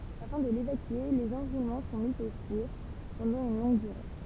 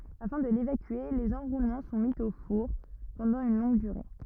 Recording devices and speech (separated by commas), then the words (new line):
temple vibration pickup, rigid in-ear microphone, read sentence
Afin de l'évacuer, les enroulements sont mis au four pendant une longue durée.